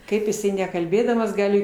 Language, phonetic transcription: Lithuanian, ˈkaip jiˈsai nekalˈbėdamas ˈgali

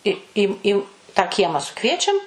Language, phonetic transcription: Lithuanian, i ˈį ˈį tą ˈkiemą suˈkviečiam

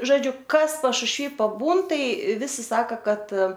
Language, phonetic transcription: Lithuanian, žoˈdžiu ˈkas pašušˈvy paˈbūn ˈtai ˈvisi ˈsaka ˈkad

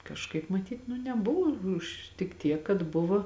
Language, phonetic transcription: Lithuanian, kažˈkaip maˈtyt nu neˈbuvo ˈuž tik ˈtiek kad ˈbuvo

